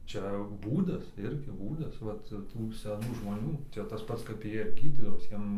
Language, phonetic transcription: Lithuanian, ˈčia ˈbūdas ˈirgi ˈbūdas ˈvat ˈtų seˈnų žmoˈnių ˈčia tas ˈpats kap ˈjie ˈgydydavos ˈjiem

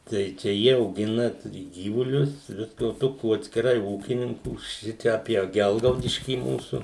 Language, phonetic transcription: Lithuanian, ˈtai čia ˈjie auˈgina ˈturi ˈgyvulius ˈviska o ˈtokių atskiˈrai ˈūkininkų ˈšičia apie ˈgelgaudiškį ˈmūsu

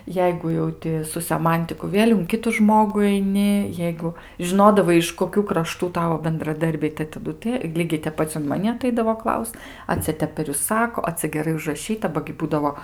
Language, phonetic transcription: Lithuanian, ˈjeigu jau ˈti su seˈmantiku ˈvėl' un ˈkitu ˈžmogu aiˈni ˈjeigu žiˈnodavai iš koˈkių kraˈštų ˈtavo bendraˈdarbiai tai taˈdu tə ˈlygiai tep ˈpac un maˈni aˈtaidavo ˈklaust a ˈcia ˈtep per ˈjus ˈsako a ˈcia geˈrai užraˈšyta ˈba gi ˈbūdavo

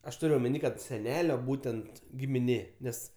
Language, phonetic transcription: Lithuanian, aš ˈtur' omeˈny ˈkad seˈnelio ˈbūtent gimiˈnė ˈnes

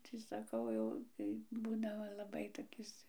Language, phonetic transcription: Lithuanian, ti saˈkau jau tai ˈbūdavo laˈbai toˈkis

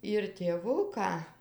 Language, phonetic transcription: Lithuanian, ir tėˈvuką

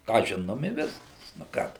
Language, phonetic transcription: Lithuanian, ką ˈžinom i ˈviskas nu ˈką tu

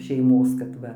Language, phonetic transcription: Lithuanian, šeiˈmos kad ˈva

